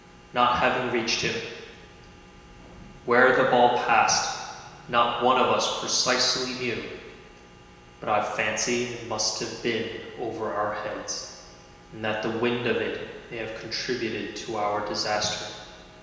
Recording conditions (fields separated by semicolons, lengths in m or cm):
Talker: one person; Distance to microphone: 1.7 m; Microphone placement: close; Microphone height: 1.0 m; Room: very reverberant, large; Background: none